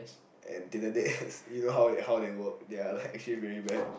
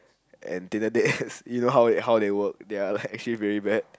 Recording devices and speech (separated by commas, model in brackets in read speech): boundary microphone, close-talking microphone, conversation in the same room